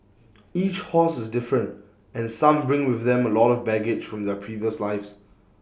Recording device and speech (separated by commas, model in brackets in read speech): boundary microphone (BM630), read sentence